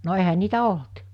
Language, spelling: Finnish, no eihän niitä ollut
- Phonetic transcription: no ehä 'niitä 'olt .

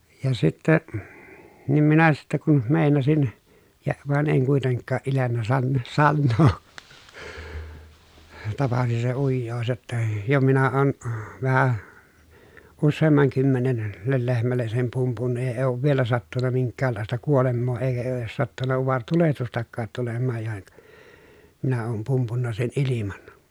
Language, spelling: Finnish, ja sitten niin minä sitten kun meinasin ja vaan en kuitenkaan iljennyt - sanoa tapasi se ujous jotta jo minä olen vähän useamman kymmenen - lehmälle sen pumpunnut ja ei ole vielä sattunut minkäänlaista kuolemaa eikä ei ole edes sattunut utaretulehdustakaan tulemaan ja - minä olen pumpunnut sen ilman
- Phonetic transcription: ja sitte , nim minä sitte kun , mèinasin , ja , vàen eŋ kuiteŋkkaa ʼilennä sann- , sannoo , tapasi se ujjoos jotta , » jo minä oon , vähä , usseemmaŋ kymmenen , -lel lehmälles sem pumpunnu ja èi oov vielä sattunna miŋk̀äällàesta kuolemmoo èikä e oo ʼies sattunna uvartulehtustakkaat tulemmaaj ja (--) , minä oom pumpunna sen ʼiliman » .

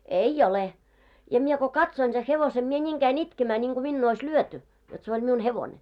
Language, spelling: Finnish, ei ole ja minä kun katsoin sen hevosen minä niin kävin itkemään niin kuin minua olisi lyöty jotta se oli minun hevonen
- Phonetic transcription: » "ei 'ole. « ja mie ko 'katsoin se 'hevose , mie 'ńiiŋ käi'n ‿itkemä ńiŋɢu minnuu ois 'lyöty , jot se oĺ miun 'hevońe .

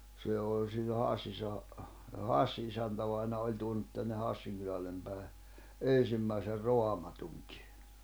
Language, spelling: Finnish, se oli silloin Hassissahan Hassin isäntävainaja oli tuonut tänne Hassin kylälle päin ensimmäisen Raamatunkin
- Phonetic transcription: 'se 'oĺ sillo 'Hassissaha , "Hassi isäntävaina oĺ tuonut tänne 'Hassiŋ kylällem pä̀i̬ 'en̬simmäiser 'Roamatuŋkɪ .

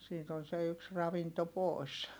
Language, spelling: Finnish, siitä on se yksi ravinto pois
- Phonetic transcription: siit ‿on se yks ravinto pòi̮s .

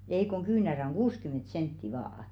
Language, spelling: Finnish, ei kun kyynärä on kuusikymmentä senttiä vain
- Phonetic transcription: ei koŋ 'kyynärä oŋ "ɢuuskym̆ment 'sentti vaa₍ᵃ .

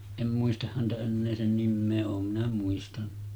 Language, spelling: Finnish, en muista häntä enää sen nimeä olen minä muistanut
- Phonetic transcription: 'em muistah häntä 'ennee sen 'nimmee 'oom minä muistanɴᴀ .

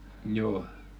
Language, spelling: Finnish, joo
- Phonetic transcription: 'jooʰ .

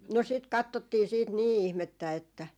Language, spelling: Finnish, no sitä katsottiin sitten niin ihmettä että
- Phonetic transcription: no sit "kattottii siit "nii 'ihmettä että ,.

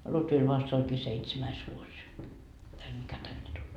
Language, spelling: Finnish, Lutvilla vasta olikin seitsemäs vuosi tällä mikä tänne tuli
- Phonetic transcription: 'Lutvil vast oĺkii "seitsemäis vuos , täl mikä 'tänne tuĺ .

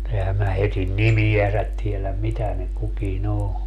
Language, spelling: Finnish, mutta enhän minä heidän nimiänsä tiedä mitä ne kukin on
- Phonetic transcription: [mu]'t ‿ehä mä heitin "nimi₍äsät tieläm "mitä ne 'kuki"n ‿o .

